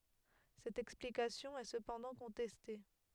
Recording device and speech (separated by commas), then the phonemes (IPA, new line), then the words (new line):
headset microphone, read sentence
sɛt ɛksplikasjɔ̃ ɛ səpɑ̃dɑ̃ kɔ̃tɛste
Cette explication est cependant contestée.